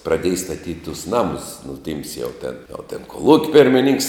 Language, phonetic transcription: Lithuanian, praˈdėj staˈtyt' tus ˈnamus nu ˈtyms jau ˈten o ˈten koˈlūk' pirmiˈninks

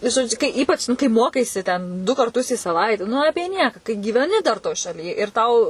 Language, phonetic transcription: Lithuanian, žoˈdžiu kai ˈypač nu kai ˈmokaisi ten du karˈtus į saˈvaite nu ˈapie ˈnieką kai gyveˈni dar toj šaˈly ir ˈtau

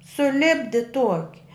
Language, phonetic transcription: Lithuanian, suˈlipdi ˈtuoki

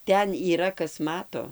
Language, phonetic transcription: Lithuanian, ˈten yˈra ˈkas ˈmato

